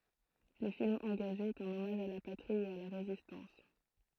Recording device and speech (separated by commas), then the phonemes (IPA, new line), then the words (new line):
throat microphone, read sentence
lə film ɑ̃ɡaʒe ɛt œ̃n ɔmaʒ a la patʁi e a la ʁezistɑ̃s
Le film engagé est un hommage à la patrie et à la Résistance.